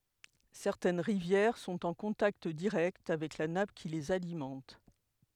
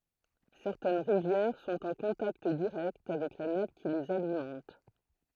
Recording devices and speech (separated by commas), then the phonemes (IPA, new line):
headset microphone, throat microphone, read sentence
sɛʁtɛn ʁivjɛʁ sɔ̃t ɑ̃ kɔ̃takt diʁɛkt avɛk la nap ki lez alimɑ̃t